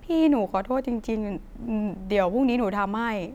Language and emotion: Thai, sad